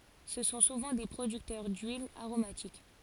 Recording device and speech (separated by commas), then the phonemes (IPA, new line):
forehead accelerometer, read sentence
sə sɔ̃ suvɑ̃ de pʁodyktœʁ dyilz aʁomatik